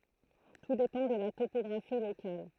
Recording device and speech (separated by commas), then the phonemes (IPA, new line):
throat microphone, read sentence
tu depɑ̃ də la topɔɡʁafi lokal